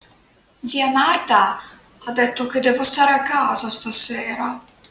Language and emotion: Italian, sad